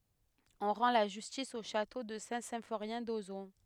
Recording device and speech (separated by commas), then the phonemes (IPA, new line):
headset microphone, read sentence
ɔ̃ ʁɑ̃ la ʒystis o ʃato də sɛ̃tsɛ̃foʁjɛ̃ dozɔ̃